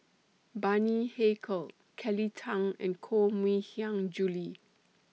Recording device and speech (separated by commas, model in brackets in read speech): mobile phone (iPhone 6), read sentence